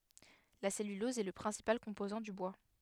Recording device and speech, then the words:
headset microphone, read sentence
La cellulose est le principal composant du bois.

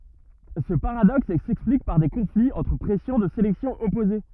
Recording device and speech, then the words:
rigid in-ear microphone, read sentence
Ce paradoxe s'explique par des conflits entre pressions de sélection opposées.

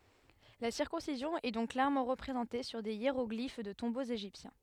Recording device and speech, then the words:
headset microphone, read sentence
La circoncision est donc clairement représentée sur des hiéroglyphes de tombeaux égyptiens.

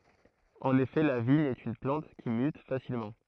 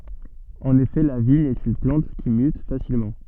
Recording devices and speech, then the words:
throat microphone, soft in-ear microphone, read sentence
En effet, la vigne est une plante qui mute facilement.

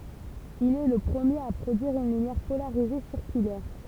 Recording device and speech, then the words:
temple vibration pickup, read sentence
Il est le premier à produire une lumière polarisée circulaire.

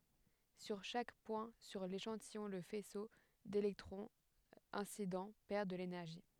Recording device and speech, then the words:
headset microphone, read sentence
Sur chaque point sur l'échantillon le faisceau d'électrons incident perd de l'énergie.

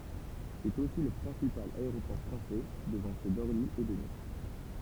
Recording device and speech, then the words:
temple vibration pickup, read sentence
C'est aussi le principal aéroport français, devant ceux d'Orly et de Nice.

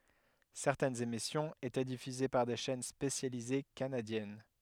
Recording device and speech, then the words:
headset microphone, read sentence
Certaines émissions étaient diffusées par des chaînes spécialisées canadiennes.

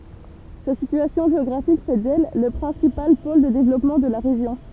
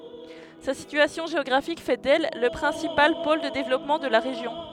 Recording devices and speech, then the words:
temple vibration pickup, headset microphone, read sentence
Sa situation géographique fait d'elle le principal pôle de développement de la région.

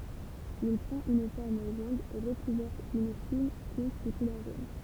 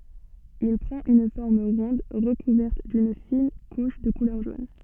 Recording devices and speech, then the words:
temple vibration pickup, soft in-ear microphone, read sentence
Il prend une forme ronde recouverte d'une fine couche de couleur jaune.

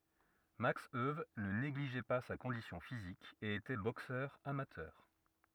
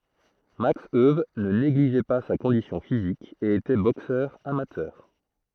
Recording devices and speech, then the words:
rigid in-ear microphone, throat microphone, read sentence
Max Euwe ne négligeait pas sa condition physique et était boxeur amateur.

